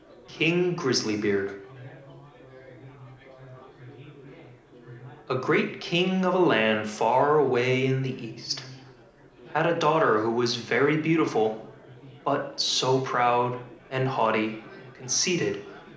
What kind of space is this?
A medium-sized room.